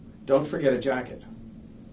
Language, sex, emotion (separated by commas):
English, male, neutral